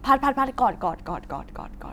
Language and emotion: Thai, neutral